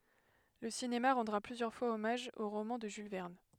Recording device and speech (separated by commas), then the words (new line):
headset microphone, read sentence
Le cinéma rendra plusieurs fois hommage au roman de Jules Verne.